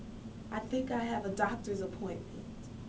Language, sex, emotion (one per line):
English
female
neutral